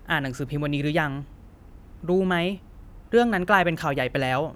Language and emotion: Thai, frustrated